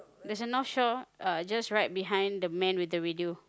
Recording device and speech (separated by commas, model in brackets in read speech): close-talking microphone, conversation in the same room